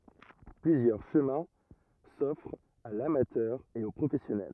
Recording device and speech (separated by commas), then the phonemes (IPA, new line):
rigid in-ear microphone, read sentence
plyzjœʁ ʃəmɛ̃ sɔfʁt a lamatœʁ e o pʁofɛsjɔnɛl